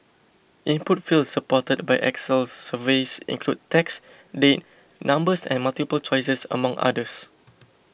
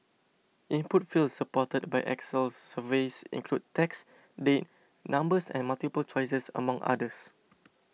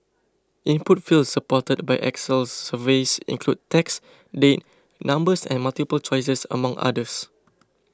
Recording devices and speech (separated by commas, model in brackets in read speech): boundary microphone (BM630), mobile phone (iPhone 6), close-talking microphone (WH20), read sentence